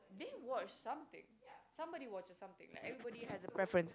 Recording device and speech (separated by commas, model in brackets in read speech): close-talking microphone, conversation in the same room